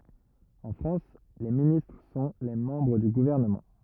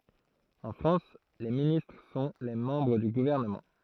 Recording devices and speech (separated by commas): rigid in-ear microphone, throat microphone, read sentence